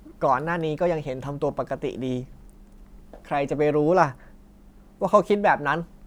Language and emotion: Thai, frustrated